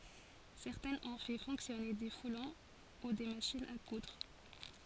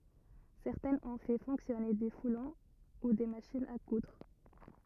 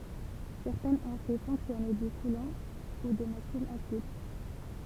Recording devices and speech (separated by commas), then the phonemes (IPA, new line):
forehead accelerometer, rigid in-ear microphone, temple vibration pickup, read sentence
sɛʁtɛ̃z ɔ̃ fɛ fɔ̃ksjɔne de fulɔ̃ u de maʃinz a kudʁ